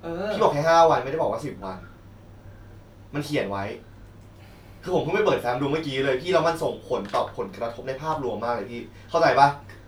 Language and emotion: Thai, frustrated